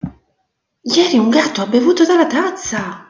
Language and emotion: Italian, surprised